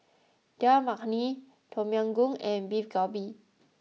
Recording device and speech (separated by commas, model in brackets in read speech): mobile phone (iPhone 6), read sentence